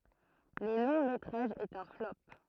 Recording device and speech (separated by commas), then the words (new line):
throat microphone, read sentence
Le long métrage est un flop.